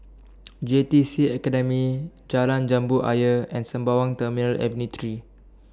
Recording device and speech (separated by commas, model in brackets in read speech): standing microphone (AKG C214), read sentence